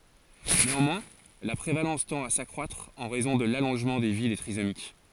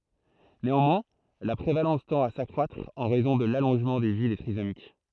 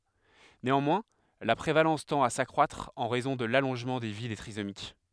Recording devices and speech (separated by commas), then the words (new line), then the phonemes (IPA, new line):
forehead accelerometer, throat microphone, headset microphone, read sentence
Néanmoins, la prévalence tend à s’accroître, en raison de l'allongement de vie des trisomiques.
neɑ̃mwɛ̃ la pʁevalɑ̃s tɑ̃t a sakʁwatʁ ɑ̃ ʁɛzɔ̃ də lalɔ̃ʒmɑ̃ də vi de tʁizomik